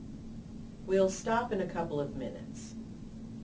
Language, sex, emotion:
English, female, neutral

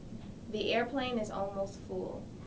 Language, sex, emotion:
English, female, neutral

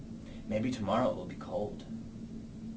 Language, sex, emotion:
English, male, neutral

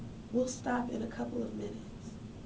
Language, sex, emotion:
English, female, sad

